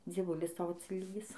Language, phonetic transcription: Lithuanian, dzieˈvulis ˈtau atsiˈlygis

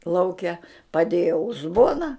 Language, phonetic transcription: Lithuanian, ˈlauke paˈdėja uzˈbona

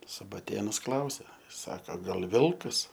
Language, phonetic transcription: Lithuanian, subaˈtėnus ˈklausia ˈsaka gal' ˈvilkas

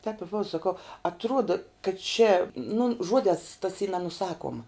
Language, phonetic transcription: Lithuanian, tep i ˈbova saˈkau atˈruoda kad čia nu ˈžuodēs tas y nenuˈsakuoma

